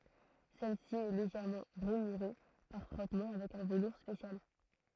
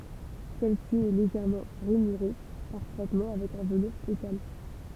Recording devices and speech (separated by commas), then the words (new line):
throat microphone, temple vibration pickup, read sentence
Celle-ci est légèrement rainurée par frottement avec un velours spécial.